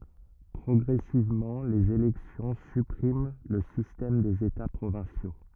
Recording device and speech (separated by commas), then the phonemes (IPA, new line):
rigid in-ear microphone, read sentence
pʁɔɡʁɛsivmɑ̃ lez elɛksjɔ̃ sypʁim lə sistɛm dez eta pʁovɛ̃sjo